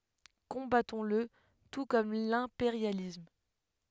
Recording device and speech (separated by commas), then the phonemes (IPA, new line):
headset microphone, read sentence
kɔ̃batɔ̃sl tu kɔm lɛ̃peʁjalism